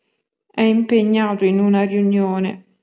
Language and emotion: Italian, sad